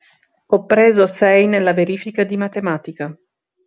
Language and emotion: Italian, neutral